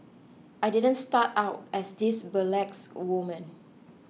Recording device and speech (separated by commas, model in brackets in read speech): mobile phone (iPhone 6), read sentence